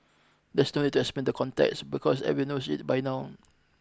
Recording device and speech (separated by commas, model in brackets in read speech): close-talking microphone (WH20), read sentence